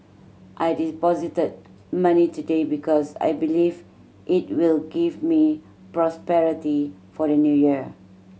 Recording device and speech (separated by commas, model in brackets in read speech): mobile phone (Samsung C7100), read sentence